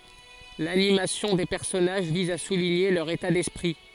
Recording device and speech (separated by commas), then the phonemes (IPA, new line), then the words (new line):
forehead accelerometer, read sentence
lanimasjɔ̃ de pɛʁsɔnaʒ viz a suliɲe lœʁ eta dɛspʁi
L’animation des personnages vise à souligner leur état d’esprit.